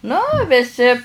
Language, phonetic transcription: Lithuanian, nu viˈsi

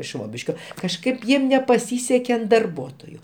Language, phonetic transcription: Lithuanian, ˈšvobiškio kažˈkaip ˈjiem nepaˈsyseke an darˈbuotoju

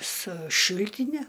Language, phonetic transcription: Lithuanian, su ˈšiltine

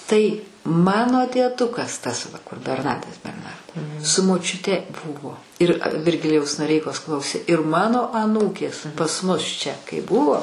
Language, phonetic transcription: Lithuanian, ˈtai ˈmano dieˈdukas tas va kur berˈnadas berˈnardo su močiuˈte ˈbuvo ˈir virˈgilijaus noˈreikos ˈklausė ir ˈmano aˈnūkės pas ˈmus čia kai ˈbuvo

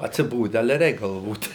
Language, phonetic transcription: Lithuanian, atsiˈbode ˈale ˈreik galˈvot

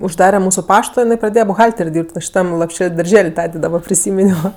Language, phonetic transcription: Lithuanian, užˈdare ˈmūsu ˈpašto jiˈnai praˈdėje buˈhalter' ˈdyrb't' va šiˈtam lopˈšel' darˈžel' ˈtadė daˈba priˈsyminio

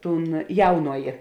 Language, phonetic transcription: Lithuanian, ˈtūn ˈjaunojė

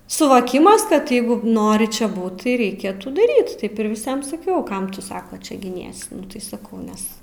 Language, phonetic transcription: Lithuanian, suvoˈkimas kad ˈjeigu ˈnori čia ˈbūt tai reiˈkėtų daˈryt ˈtaip ir viˈsiem saˈkiau ˈkam tu ˈsako ˈčia giˈniesi ˈtai saˈkau ˈnes

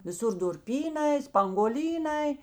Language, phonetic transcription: Lithuanian, viˈsur durˈpyˌnai spanguoˈlyˌnai

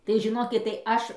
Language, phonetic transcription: Lithuanian, tai žiˈnokit tai ˈaš

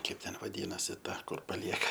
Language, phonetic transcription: Lithuanian, ˈkaip ˈten vaˈdynasi ˈta ˈkur paˈlieka

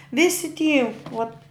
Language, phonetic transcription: Lithuanian, ˈvisi ty ot

